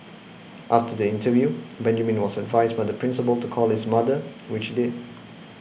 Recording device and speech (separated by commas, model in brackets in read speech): boundary microphone (BM630), read sentence